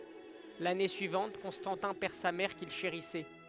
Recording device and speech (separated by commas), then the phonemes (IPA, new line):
headset microphone, read sentence
lane syivɑ̃t kɔ̃stɑ̃tɛ̃ pɛʁ sa mɛʁ kil ʃeʁisɛ